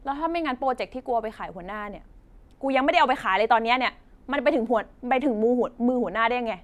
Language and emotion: Thai, angry